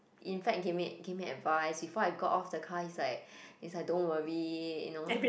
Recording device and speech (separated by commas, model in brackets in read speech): boundary microphone, conversation in the same room